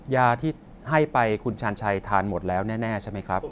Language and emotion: Thai, neutral